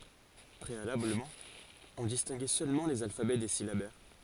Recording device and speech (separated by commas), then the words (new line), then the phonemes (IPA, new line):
forehead accelerometer, read sentence
Préalablement, on distinguait seulement les alphabets des syllabaires.
pʁealabləmɑ̃ ɔ̃ distɛ̃ɡɛ sølmɑ̃ lez alfabɛ de silabɛʁ